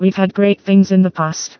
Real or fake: fake